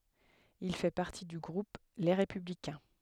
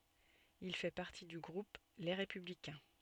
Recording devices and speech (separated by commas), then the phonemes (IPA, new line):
headset microphone, soft in-ear microphone, read sentence
il fɛ paʁti dy ɡʁup le ʁepyblikɛ̃